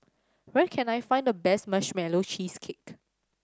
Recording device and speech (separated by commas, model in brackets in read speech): standing microphone (AKG C214), read sentence